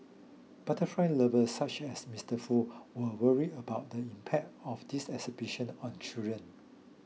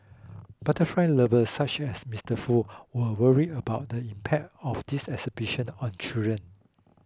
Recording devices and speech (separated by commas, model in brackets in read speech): mobile phone (iPhone 6), close-talking microphone (WH20), read sentence